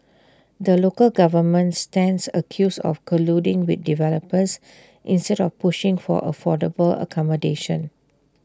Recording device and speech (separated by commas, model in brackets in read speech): standing microphone (AKG C214), read sentence